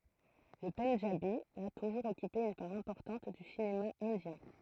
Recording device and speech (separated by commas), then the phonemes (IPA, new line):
throat microphone, read sentence
lə pɑ̃dʒabi a tuʒuʁz ɔkype yn paʁ ɛ̃pɔʁtɑ̃t dy sinema ɛ̃djɛ̃